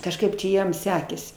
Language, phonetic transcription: Lithuanian, kažˈkaip čia ˈjiem ˈsekėsi

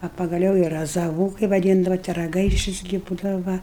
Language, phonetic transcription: Lithuanian, a pagaˈliau i razaˈvų kai vaˈdyndava ti ragaiˈšis gi ˈbūdava ˈva

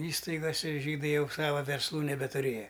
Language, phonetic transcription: Lithuanian, ˈįstaigose ˈžydai ˈjau ˈsava versˈlų nebetuˈrėja

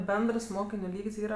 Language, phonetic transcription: Lithuanian, ˈbendrs ˈmokiniu ˈlyg's' ˈyra

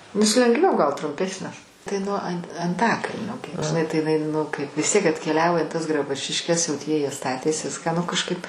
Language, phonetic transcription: Lithuanian, nes lengˈviau gal trumˈpesnes tai nuo an' anˈtakalnio gi žiˈnai tai iˈnai ˈnu kaip vis ˈtiek atkeˈliavo i tas graˈbučiškes jau ˈtie jie ˈstatės ˈviską nu kažkaip

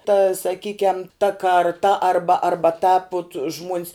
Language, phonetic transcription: Lithuanian, ta saˈkykiam ta karˈta ˈarba arˈba tāp ut žmuon's

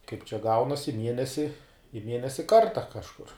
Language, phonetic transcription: Lithuanian, kaip čia ˈgaunas' i ˈmienesi i ˈmienesi ˈkarta kažˈkur

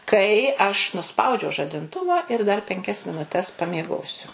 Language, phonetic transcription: Lithuanian, ˈkai aš nuˈspaudžiau žadinˈtuva ir dar penˈkias minuˈtes pamieˈgosiu

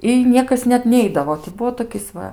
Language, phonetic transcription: Lithuanian, i ˈniekas net ˈneidavo ti ˈbuvo toˈkis ˈva

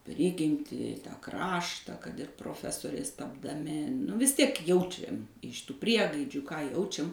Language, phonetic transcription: Lithuanian, ˈprigimtį ˈkrašta kad ir proˈfesoriais tapdaˈmi nu ˈvis ˈtiek ˈjaučiam iš ˈtų ˈpriegaidžių ką ˈjaučiam

